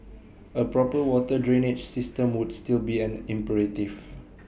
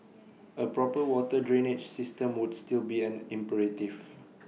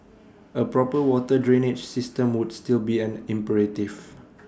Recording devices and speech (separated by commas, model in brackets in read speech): boundary microphone (BM630), mobile phone (iPhone 6), standing microphone (AKG C214), read sentence